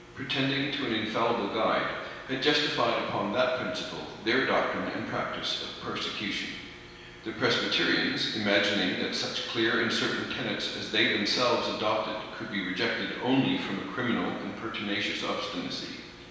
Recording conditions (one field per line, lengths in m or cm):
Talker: one person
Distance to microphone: 1.7 m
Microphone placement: close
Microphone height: 1.0 m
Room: very reverberant, large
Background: none